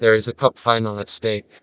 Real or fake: fake